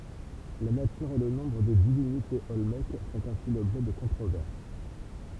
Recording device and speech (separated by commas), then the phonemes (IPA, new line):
temple vibration pickup, read sentence
la natyʁ e lə nɔ̃bʁ də divinitez ɔlmɛk fɔ̃t ɛ̃si lɔbʒɛ də kɔ̃tʁovɛʁs